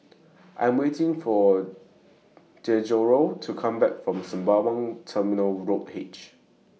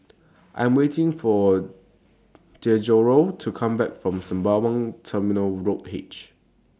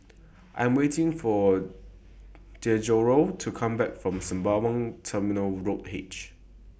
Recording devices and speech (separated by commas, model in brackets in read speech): mobile phone (iPhone 6), standing microphone (AKG C214), boundary microphone (BM630), read sentence